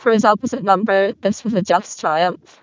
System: VC, vocoder